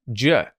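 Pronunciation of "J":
This is 'do you' reduced to a j sound followed by a schwa. There is no oo sound.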